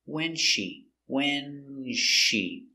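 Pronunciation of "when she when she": The words "when's she" run together, and the s isn't heard, so it sounds like "when she".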